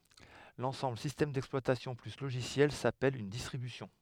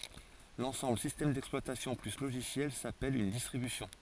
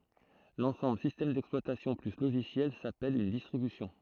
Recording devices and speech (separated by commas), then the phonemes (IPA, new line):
headset microphone, forehead accelerometer, throat microphone, read sentence
lɑ̃sɑ̃bl sistɛm dɛksplwatasjɔ̃ ply loʒisjɛl sapɛl yn distʁibysjɔ̃